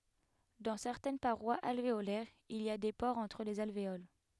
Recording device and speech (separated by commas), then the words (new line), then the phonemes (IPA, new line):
headset microphone, read sentence
Dans certaines parois alvéolaires il y a des pores entre les alvéoles.
dɑ̃ sɛʁtɛn paʁwaz alveolɛʁz il i a de poʁz ɑ̃tʁ lez alveol